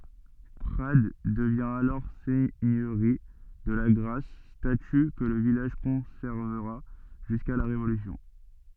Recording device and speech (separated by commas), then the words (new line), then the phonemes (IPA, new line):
soft in-ear microphone, read sentence
Prades devient alors seigneurie de Lagrasse, statut que le village conservera jusqu'à la Révolution.
pʁad dəvjɛ̃ alɔʁ sɛɲøʁi də laɡʁas staty kə lə vilaʒ kɔ̃sɛʁvəʁa ʒyska la ʁevolysjɔ̃